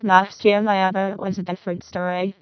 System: VC, vocoder